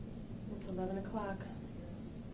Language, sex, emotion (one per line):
English
female
neutral